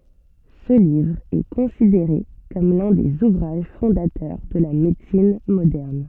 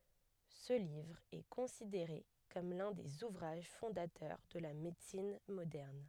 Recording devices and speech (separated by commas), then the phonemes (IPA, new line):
soft in-ear microphone, headset microphone, read sentence
sə livʁ ɛ kɔ̃sideʁe kɔm lœ̃ dez uvʁaʒ fɔ̃datœʁ də la medəsin modɛʁn